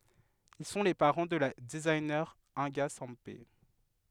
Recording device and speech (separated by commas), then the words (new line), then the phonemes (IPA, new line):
headset microphone, read sentence
Ils sont les parents de la designer Inga Sempé.
il sɔ̃ le paʁɑ̃ də la dəziɲe ɛ̃ɡa sɑ̃pe